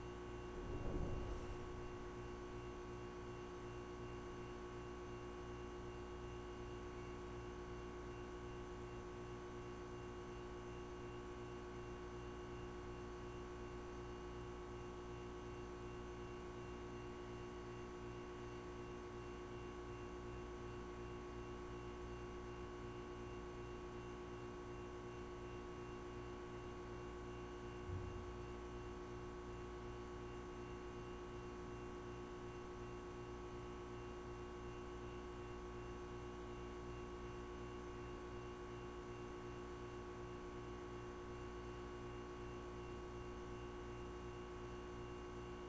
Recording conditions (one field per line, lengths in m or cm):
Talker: no one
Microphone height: 71 cm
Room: very reverberant, large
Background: none